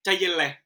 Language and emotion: Thai, angry